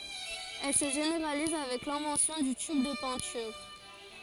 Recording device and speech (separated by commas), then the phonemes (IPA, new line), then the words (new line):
forehead accelerometer, read sentence
ɛl sə ʒeneʁaliz avɛk lɛ̃vɑ̃sjɔ̃ dy tyb də pɛ̃tyʁ
Elle se généralise avec l'invention du tube de peinture.